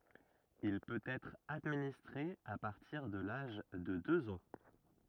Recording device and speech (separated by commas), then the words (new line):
rigid in-ear microphone, read sentence
Il peut être administré à partir de l’âge de deux ans.